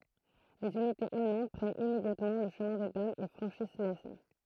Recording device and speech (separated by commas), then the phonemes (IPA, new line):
throat microphone, read sentence
lez ynitez almɑ̃d pʁɛnt immedjatmɑ̃ lə ʃəmɛ̃ de damz e fʁɑ̃ʃis lɛsn